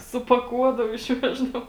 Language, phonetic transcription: Lithuanian, supaˈkuodavu išˈveždavu

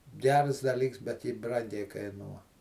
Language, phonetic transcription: Lithuanian, ˈgers daˈlyks bet ˈji ˈbrangiai kaiˈnuo

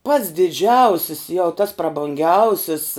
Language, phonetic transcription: Lithuanian, pats diˈdžiausis jau tas prabunˈgiausis

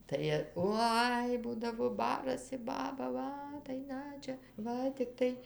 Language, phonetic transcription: Lithuanian, tai ˈoi ˈbūdavo ˈbarasi ˈbaba ˈva tai ˈna čia ˈva tikˈtai

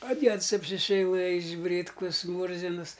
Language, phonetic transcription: Lithuanian, a ˈdieds apsiseiˈlɘjis ˈbrytkus ˈmūrzins

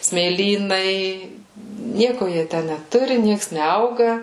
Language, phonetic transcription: Lithuanian, smėˈlynai ˈnieku ˈjie ˈtæ neˈturi ˈnieks neˈauga

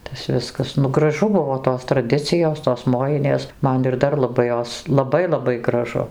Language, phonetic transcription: Lithuanian, ˈtas ˈviskas nu graˈžu ˈbuvo tos traˈdicijos tos ˈmojinės ˈman ir ˈdar laˈbai ˈjos laˈbai laˈbai graˈžu

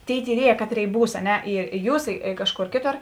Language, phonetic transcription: Lithuanian, ˈtėi tyˈrieje ˈkaˌtrėi ˈbūs a ˈne ir i ˈjūs i ˈkažˌkor ˈkėˌtor

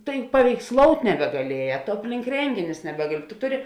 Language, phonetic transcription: Lithuanian, tai paveiksˈlout' nebegaˈlieja to ˈaplink ˈrenginius neˈbegali tu ˈtuˌri

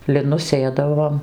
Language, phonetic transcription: Lithuanian, liˈnus ˈsėdavom

